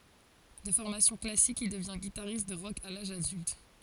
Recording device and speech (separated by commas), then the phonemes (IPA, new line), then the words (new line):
forehead accelerometer, read sentence
də fɔʁmasjɔ̃ klasik il dəvjɛ̃ ɡitaʁist də ʁɔk a laʒ adylt
De formation classique, il devient guitariste de rock à l'âge adulte.